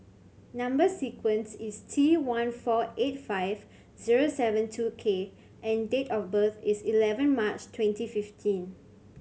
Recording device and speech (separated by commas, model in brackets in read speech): mobile phone (Samsung C7100), read sentence